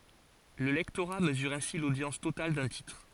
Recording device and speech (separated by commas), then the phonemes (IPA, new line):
forehead accelerometer, read sentence
lə lɛktoʁa məzyʁ ɛ̃si lodjɑ̃s total dœ̃ titʁ